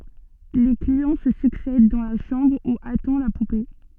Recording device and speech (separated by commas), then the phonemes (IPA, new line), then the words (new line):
soft in-ear microphone, read sentence
le kliɑ̃ sə syksɛd dɑ̃ la ʃɑ̃bʁ u atɑ̃ la pupe
Les clients se succèdent dans la chambre où attend la poupée.